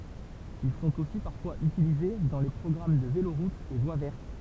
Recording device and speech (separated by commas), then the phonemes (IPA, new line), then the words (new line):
temple vibration pickup, read sentence
il sɔ̃t osi paʁfwaz ytilize dɑ̃ le pʁɔɡʁam də veloʁutz e vwa vɛʁt
Ils sont aussi parfois utilisés dans les programmes de véloroutes et voies vertes.